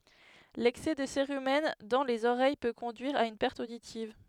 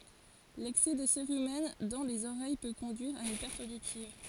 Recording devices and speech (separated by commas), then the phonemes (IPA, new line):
headset microphone, forehead accelerometer, read sentence
lɛksɛ də seʁymɛn dɑ̃ lez oʁɛj pø kɔ̃dyiʁ a yn pɛʁt oditiv